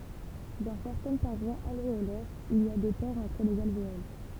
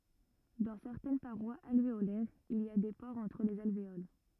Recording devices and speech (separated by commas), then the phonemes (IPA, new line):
temple vibration pickup, rigid in-ear microphone, read sentence
dɑ̃ sɛʁtɛn paʁwaz alveolɛʁz il i a de poʁz ɑ̃tʁ lez alveol